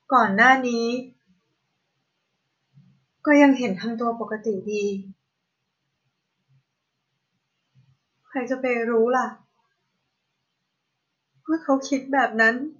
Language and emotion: Thai, sad